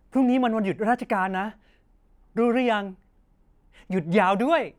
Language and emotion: Thai, happy